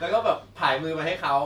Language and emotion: Thai, happy